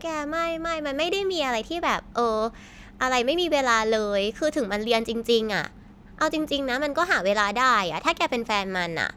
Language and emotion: Thai, frustrated